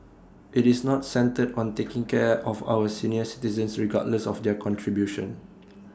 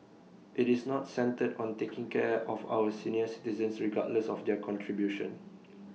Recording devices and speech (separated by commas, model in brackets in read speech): standing microphone (AKG C214), mobile phone (iPhone 6), read sentence